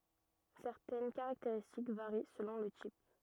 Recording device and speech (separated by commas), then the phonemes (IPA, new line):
rigid in-ear microphone, read sentence
sɛʁtɛn kaʁakteʁistik vaʁi səlɔ̃ lə tip